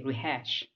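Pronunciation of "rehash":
'Rehash' is said as the verb, with the stress on the second syllable, 'hash'.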